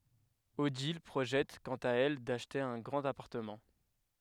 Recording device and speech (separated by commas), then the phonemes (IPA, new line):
headset microphone, read sentence
odil pʁoʒɛt kɑ̃t a ɛl daʃte œ̃ ɡʁɑ̃t apaʁtəmɑ̃